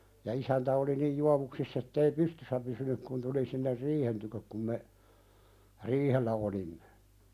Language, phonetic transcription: Finnish, ja 'isäntä oli nij "juavuksiss ‿ettei "pystyssä pysynyk kun tuli sinner "riihen tykök kum me , "riihellä olimmᴇ .
- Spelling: ja isäntä oli niin juovuksissa että ei pystyssä pysynyt kun tuli sinne riihen tykö kun me riihellä olimme

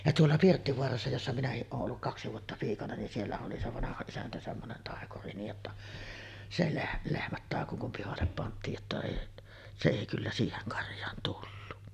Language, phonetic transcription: Finnish, ja 'tuolla "Pirttivoarassa jossa 'minähiˀ ˀooˀ ˀolluk 'kaksi vuotta piikana nin siellä oli se 'vanaha 'isäntä semmonen 'tàekuri niij jotta , se leh- "lehmät 'tàeko kum pihallep pant̆tiij jotta èi , se èi kyllä 'siiheŋ 'karj̆jaan tullu .
- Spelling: ja tuolla Pirttivaarassa jossa minäkin olen ollut kaksi vuotta piikana niin siellä oli se vanha isäntä semmoinen taikuri niin jotta se - lehmät taikoi kun pihalle pantiin jotta ei se ei kyllä siihen karjaan tullut

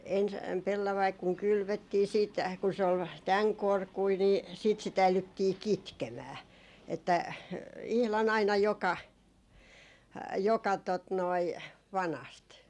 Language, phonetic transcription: Finnish, 'ens , pellavaik kuŋ 'kylvöttii siit , kun se ol "täŋ 'korkui nii , siit si't ‿äilyttii "kitkemää , että , 'ihlan aina joka , joka tot noi , 'vanast .
- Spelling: ensin pellavainen kun kylvettiin sitten kun se oli tämän korkuinen niin sitten sitä äidyttiin kitkemään että ihan aina joka joka tuota noin vanasta

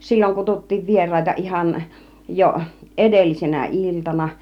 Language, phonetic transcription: Finnish, 'silloŋ kututtiiv "vier̆ràita ihan , jo 'ed§ellisenä "iltana .
- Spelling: silloin kutsuttiin vieraita ihan jo edellisenä iltana

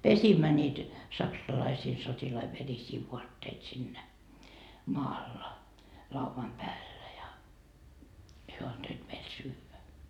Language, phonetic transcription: Finnish, "pesimmä ńiit , 'saksalaisii sotilai 'verisii 'vuatteit sinnä , 'maalla , 'lauvam 'päällä ja , hyö antoit meil "syyvä .
- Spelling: pesimme niitä saksalaisten sotilaiden verisiä vaatteita siinä maalla laudan päällä ja he antoivat meille syödä

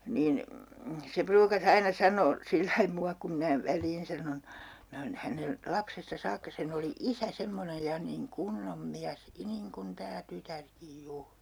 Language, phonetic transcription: Finnish, 'niin , se 'pruuka's ‿aina 'sanoo , sillai 'mua kum 'minä 'väl̀iin sanon , 'minä oon̬ 'hänen , "lapsesta 'saakka sen ‿oli "isä 'semmonej ja niŋ "kunnom "miäs , "niŋ'kun "tää "tytärkij 'juur .
- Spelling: niin se pruukasi aina sanoa sillä lailla minua kun minä väliin sanon minä olen hänen lapsesta saakka sen oli isä semmoinen ja niin kunnon mies niin kuin tämä tytärkin juuri

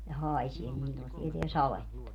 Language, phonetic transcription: Finnish, ja 'hài̮sie niin (sillon se tieteä) "saletta .
- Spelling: ja haisee niin silloin se tietää sadetta

